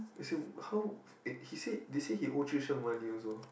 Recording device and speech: boundary microphone, conversation in the same room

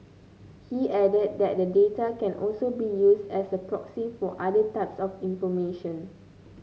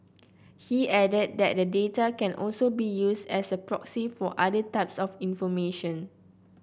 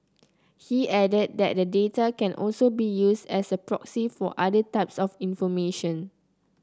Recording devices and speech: mobile phone (Samsung C9), boundary microphone (BM630), close-talking microphone (WH30), read sentence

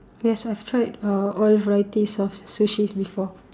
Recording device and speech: standing microphone, conversation in separate rooms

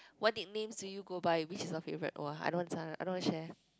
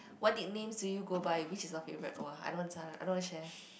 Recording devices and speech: close-talking microphone, boundary microphone, conversation in the same room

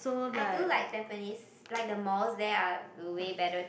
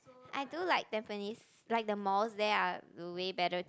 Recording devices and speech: boundary microphone, close-talking microphone, conversation in the same room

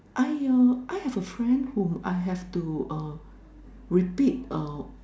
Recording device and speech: standing microphone, conversation in separate rooms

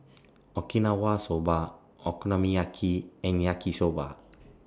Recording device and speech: standing microphone (AKG C214), read sentence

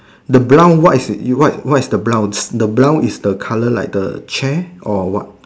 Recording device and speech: standing microphone, conversation in separate rooms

